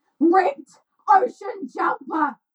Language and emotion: English, angry